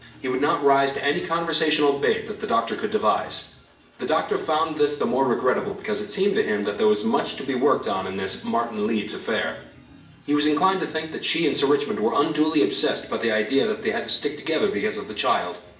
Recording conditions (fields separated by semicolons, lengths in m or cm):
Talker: one person; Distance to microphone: 1.8 m; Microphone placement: close; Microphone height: 1.0 m; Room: large; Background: music